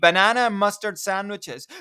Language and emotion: English, sad